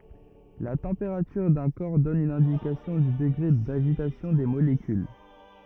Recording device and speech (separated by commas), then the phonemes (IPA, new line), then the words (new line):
rigid in-ear microphone, read sentence
la tɑ̃peʁatyʁ dœ̃ kɔʁ dɔn yn ɛ̃dikasjɔ̃ dy dəɡʁe daʒitasjɔ̃ de molekyl
La température d'un corps donne une indication du degré d'agitation des molécules.